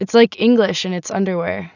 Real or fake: real